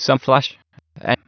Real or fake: fake